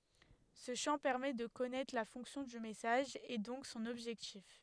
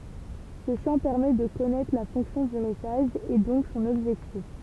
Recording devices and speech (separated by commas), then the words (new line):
headset microphone, temple vibration pickup, read sentence
Ce champ permet de connaître la fonction du message et donc son objectif.